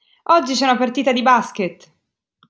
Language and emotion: Italian, happy